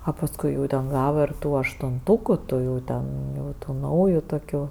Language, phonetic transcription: Lithuanian, a pasˈkui jau ten ˈgava ir ˈtų aštunˈtuku ˈtų jau ˈten ˈjau ˈtų ˈnauju toˈkių

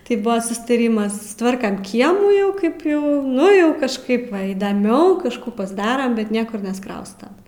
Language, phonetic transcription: Lithuanian, tai ˈbuvo sustaˈrymas susˈtvarkam ˈkiemų ˈjau ˈkaip ˈjau ˈnu ˈjau kažˈkaip ˈva įdaˈmiau kažˈkų pasˈdaram bet ˈniekur nesˈkrausta

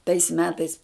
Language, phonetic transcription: Lithuanian, tais ˈmetais

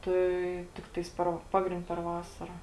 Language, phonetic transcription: Lithuanian, ˈtai ˈtiktais per ˈpagrind' per ˈvasara

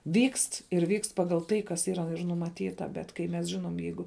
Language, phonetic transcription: Lithuanian, vykst ir vykst ˈpagal ˈtai kas ˈyra numaˈtyta ˈbet kai mes ˈžinom ˈjeigu

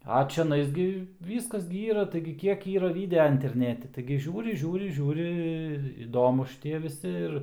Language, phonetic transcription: Lithuanian, a čiaˈnais gi ˈvyskas gi ˈyra taigi ˈkiek ˈyra ˈvidea interˈneti taigi ˈžiūri ˈžiūri ˈžiūri ir iˈdomus šiˈtie viˈsi ir

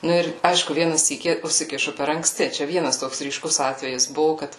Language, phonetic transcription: Lithuanian, ˈnu ir ˈaišku ˈviena ˈsykį usiˈkišu per ankˈsti čia ˈvienas ˈtoks ryˈškus ˈatvejis ˈbuvu ˈkad

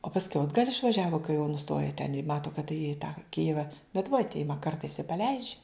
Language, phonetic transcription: Lithuanian, o pasˈkiau atˈgal' išvaˈžiavu kai jau nuˈstoja ten i ˈmato kad tai i tą ˈkijiva bet vat ˈima ˈkartais i paˈleidž'

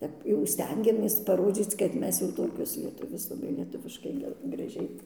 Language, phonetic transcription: Lithuanian, ˈtep jau ˈstengiamės paˈrodzyc kad ˈmes jau ˈtokios lieˈtuvės laˈbai lieˈtuviškai ˈge graˈžiai

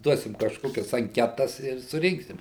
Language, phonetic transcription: Lithuanian, ˈduosim kažˈkokias anˈketas ir suˈrinksim

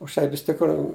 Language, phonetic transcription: Lithuanian, už ˈtai vis tikˈrų

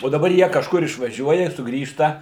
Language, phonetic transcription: Lithuanian, o daˈbar ˈjie kažˈkur išvaˈžiuoja suˈgrįžta

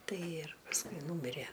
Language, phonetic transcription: Lithuanian, ˈtai ir pasˈkui ˈnūmirie

